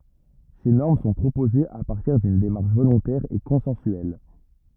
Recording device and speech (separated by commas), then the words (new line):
rigid in-ear microphone, read sentence
Ces normes sont proposées à partir d’une démarche volontaire et consensuelle.